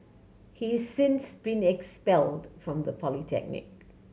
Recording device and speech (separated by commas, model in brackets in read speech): mobile phone (Samsung C7100), read sentence